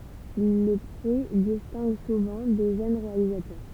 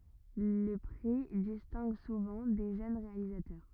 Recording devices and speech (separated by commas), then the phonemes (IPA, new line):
temple vibration pickup, rigid in-ear microphone, read sentence
lə pʁi distɛ̃ɡ suvɑ̃ de ʒøn ʁealizatœʁ